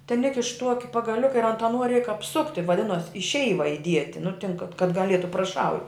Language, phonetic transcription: Lithuanian, ten ˈikiš ˈtuoki pagaˈliuka ir ant aˈnuo reik apˈsukti vaˈdinuos i ˈšeiva iˈdieti nu tin kad kad gaˈlietu praˈšau

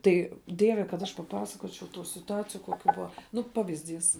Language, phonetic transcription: Lithuanian, ˈtai ˈdieve kad ˈaš paˈpasakočiau tų situˈaciju koˈkių ˈbua ˈnu ˈpavizˌdys

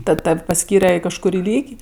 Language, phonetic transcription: Lithuanian, ˈtad ˈtav' paˈskyre i kažkuˈrį ˈlyg'

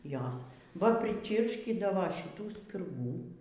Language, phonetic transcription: Lithuanian, ˈjos va priˈčyrškydavo šiˈtų spirˈgų

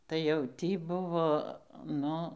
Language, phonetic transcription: Lithuanian, tai jau ˈtį ˈbuvo ˈnu

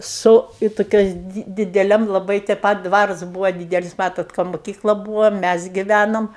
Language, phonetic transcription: Lithuanian, su i toˈkios ˈdi dideˈliam laˈbai te ˈpat ˈdvarus ˈbūva ˈdydelis ˈmatot ˈka muˈkykla ˈbūvo ˈmæs giˈvænom

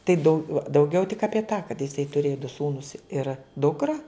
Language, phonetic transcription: Lithuanian, tai ˈdau dauˈgiau tik apie tą kad jiˈsai tuˈrėja du ˈsūnus ir ˈdukra

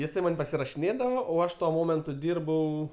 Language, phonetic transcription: Lithuanian, jiˈsai ˈman' pasirašiˈnėdavo o ˈaš tuo ˈmomentu ˈdyrbau

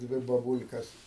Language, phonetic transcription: Lithuanian, ˈdvi babul'kas

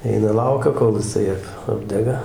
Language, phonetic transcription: Lithuanian, ˈeina ˈlaukia kol jiˈsai ˈap ˈapdega

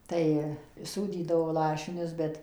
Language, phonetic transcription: Lithuanian, ˈtai ˈsūdydavo ˈlašinius ˈbet

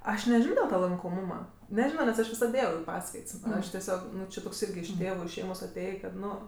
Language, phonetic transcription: Lithuanian, ˈaš neˈžino dil ˈtą lankoˈmūma neˈžino nes ˈaš viˈsad ˈėjau i ˈpaskaits ˈaš teˈsiog ˈnu či toks ˈirgi iš ˈtėvu iš ˈšeimos aˈtėjė kad ˈnu

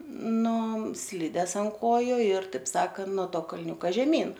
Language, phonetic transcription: Lithuanian, ˈnu ˈslides ant ˈkoju ir ˈtaip ˈsakan no ˈto kalˈniūka žeˈmyn

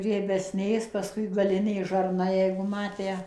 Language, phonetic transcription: Lithuanian, riebesˈnės pasˈkui gaˈlinė žarˈna jeigu ˈmatę

